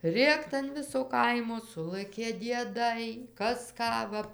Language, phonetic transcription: Lithuanian, ˈrėkt an ˈviso ˈkaimo ˈsulɘkė dieˈdai ˈkas ˈką va

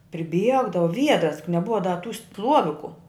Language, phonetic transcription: Lithuanian, priˈbiegdavu ˈviedras juk neˈbuva da tų ˈstluoviku

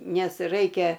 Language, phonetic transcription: Lithuanian, ˈnes ˈraikia

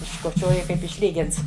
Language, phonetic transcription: Lithuanian, iškoˈčioji kaip išˈlygints

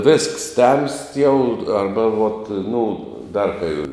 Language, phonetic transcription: Lithuanian, vėsks temst jau ˈarba vot ˈnu ˈdar kai

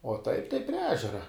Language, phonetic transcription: Lithuanian, o ˈtaip tai prie ˈežera

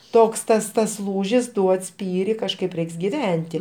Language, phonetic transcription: Lithuanian, ˈtoks ˈtas tas ˈlūžis ˈduod ˈspyri kažˈkaip ˈreiks giˈventi

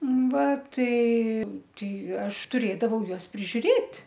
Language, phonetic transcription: Lithuanian, ˈva ˈtai ˈtai ˈaš tuˈrėdavau ˈjuos prižiuˈrėt'

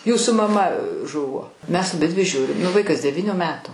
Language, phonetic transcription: Lithuanian, ˈjūsų maˈma ˈžuvo mes aˈbidvi ˈžiūrim nu ˈvaikas deˈvyniu ˈmetu

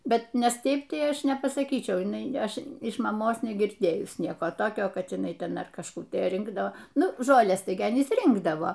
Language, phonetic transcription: Lithuanian, ˈbet ˈnes ˈteip ˈtai ˈaš nepasaˈkyčiau jiˈnai ˈaš iš maˈmos negirˈdėjus ˈnieko ˈtokio kad jiˈnai ˈten ar kažˈkų tai ˈrinkdo ˈnu ˈžoles ˈtai gi aˈnys ˈrinkdavo

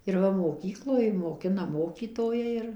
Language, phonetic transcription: Lithuanian, ir ˈva moˈkykloj moˈkina moˈkytojai ir

